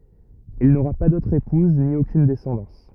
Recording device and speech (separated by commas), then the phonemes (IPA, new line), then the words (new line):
rigid in-ear microphone, read sentence
il noʁa pa dotʁ epuz ni okyn dɛsɑ̃dɑ̃s
Il n'aura pas d'autre épouse, ni aucune descendance.